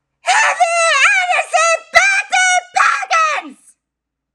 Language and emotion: English, angry